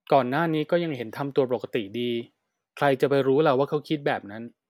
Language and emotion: Thai, neutral